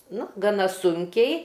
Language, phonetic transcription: Lithuanian, ˈnu gaˈna ˈsunkiai

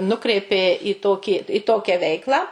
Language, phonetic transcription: Lithuanian, ˈnukreipė i ˈtokį i ˈtokią ˈveiklą

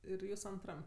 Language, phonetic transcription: Lithuanian, ˈir ˈjūs anˈtram

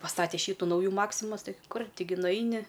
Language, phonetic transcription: Lithuanian, paˈstate ˈšytu ˈnaujų ˈmaksimas ˈtai ˈkur' ˈtiˈgi nuˈaini

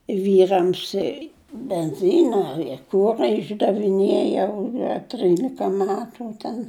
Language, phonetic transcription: Lithuanian, ˈvyrams i benˈzyna i ˈkura išdaviˈnėjau a ˈtrylika ˈmetu ten

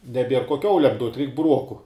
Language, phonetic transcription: Lithuanian, neˈbier ko ˈkiaulem duot' reik buˈruoku

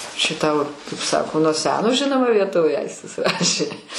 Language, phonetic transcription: Lithuanian, čia ˈtau kaip ˈsako nuo ˈseno ˈžinoma vieˈtovė ˈaistis ˈrašė

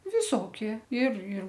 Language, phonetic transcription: Lithuanian, viˈsokie ir ir

